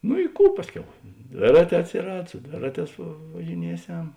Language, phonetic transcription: Lithuanian, nu i ˈkų ˈpasˌkiau ˈdvėraˌtē atsiˈrad su ˈdvėraˌtēs važiˈnieˌsem

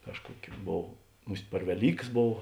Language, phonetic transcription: Lithuanian, ˈkažkuokiu ˈbov ˈmus't' per veˈlykas ˈbov

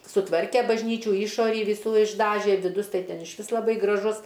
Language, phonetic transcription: Lithuanian, suˈtvarke bažˈnyčių ˈyšorį viˈsų išˈdaže viˈdus ˈtai ˈten išˈvis laˈbai graˈžus

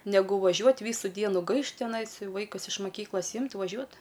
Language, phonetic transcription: Lithuanian, neˈgu vaˈžiuot' ˈvysu ˈdienu ˈgaišt tiˈnais ˈvaikus iš maˈkyklas ˈimt' vaˈžiuot

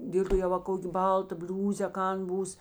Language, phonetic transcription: Lithuanian, ˈdėl' to jau va ˈkok' ˈbalˌta ˈbliūzė a ˈkan ˈbūs

